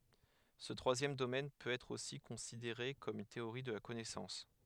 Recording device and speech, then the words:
headset microphone, read sentence
Ce troisième domaine peut être aussi considéré comme une théorie de la connaissance.

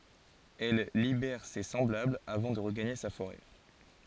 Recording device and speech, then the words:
forehead accelerometer, read sentence
Elle libère ses semblables avant de regagner sa forêt.

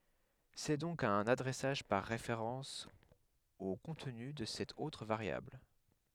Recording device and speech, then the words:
headset microphone, read sentence
C'est donc un adressage par référence au contenu de cette autre variable.

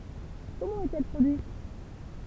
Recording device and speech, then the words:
temple vibration pickup, read sentence
Comment est-elle produite?

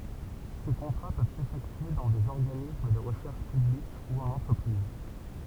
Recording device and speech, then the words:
temple vibration pickup, read sentence
Ces contrats peuvent s'effectuer dans des organismes de recherche publique ou en entreprise.

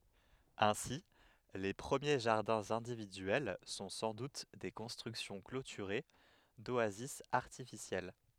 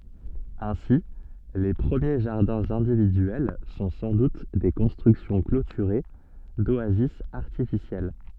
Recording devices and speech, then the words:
headset microphone, soft in-ear microphone, read sentence
Ainsi, les premiers jardins individuels sont sans doute des constructions clôturées, d'oasis artificielles.

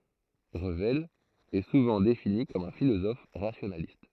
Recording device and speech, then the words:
throat microphone, read sentence
Revel est souvent défini comme un philosophe rationaliste.

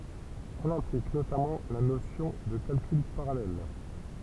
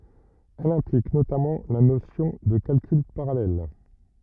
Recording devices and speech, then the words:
temple vibration pickup, rigid in-ear microphone, read sentence
Elle implique notamment la notion de calcul parallèle.

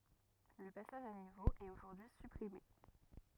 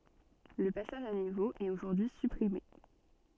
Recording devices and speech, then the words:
rigid in-ear microphone, soft in-ear microphone, read sentence
Le passage à niveau est aujourd'hui supprimé.

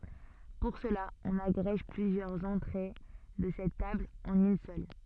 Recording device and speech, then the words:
soft in-ear microphone, read sentence
Pour cela, on agrège plusieurs entrées de cette table en une seule.

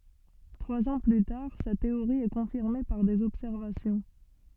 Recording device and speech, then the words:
soft in-ear microphone, read sentence
Trois ans plus tard, sa théorie est confirmée par des observations.

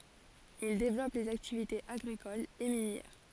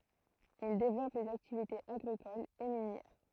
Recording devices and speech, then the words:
forehead accelerometer, throat microphone, read sentence
Ils développent les activités agricoles et minières.

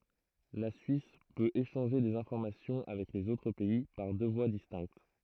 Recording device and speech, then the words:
throat microphone, read sentence
La Suisse peut échanger des informations avec les autres pays par deux voies distinctes.

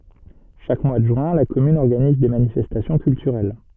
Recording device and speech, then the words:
soft in-ear microphone, read sentence
Chaque mois de juin, la commune organise des manifestations culturelles.

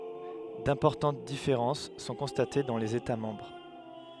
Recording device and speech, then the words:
headset microphone, read sentence
D'importantes différences sont constatées dans les États membres.

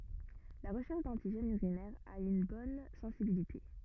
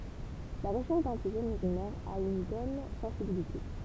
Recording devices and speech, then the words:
rigid in-ear microphone, temple vibration pickup, read sentence
La recherche d'antigènes urinaires a une bonne sensibilité.

